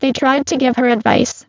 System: VC, spectral filtering